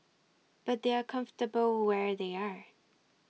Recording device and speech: mobile phone (iPhone 6), read sentence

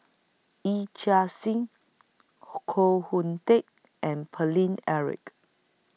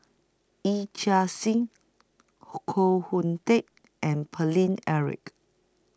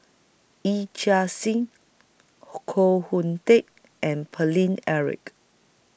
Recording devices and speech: mobile phone (iPhone 6), close-talking microphone (WH20), boundary microphone (BM630), read sentence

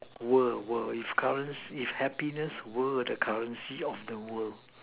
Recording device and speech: telephone, conversation in separate rooms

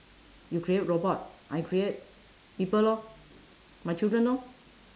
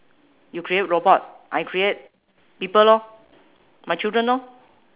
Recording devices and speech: standing microphone, telephone, conversation in separate rooms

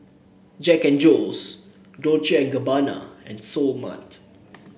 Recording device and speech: boundary microphone (BM630), read sentence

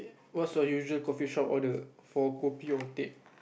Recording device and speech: boundary microphone, conversation in the same room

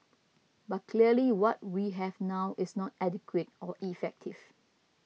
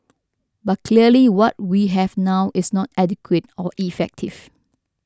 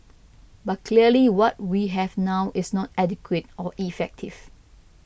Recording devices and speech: mobile phone (iPhone 6), standing microphone (AKG C214), boundary microphone (BM630), read sentence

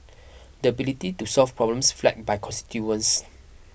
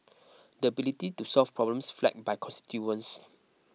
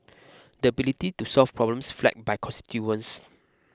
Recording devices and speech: boundary microphone (BM630), mobile phone (iPhone 6), close-talking microphone (WH20), read sentence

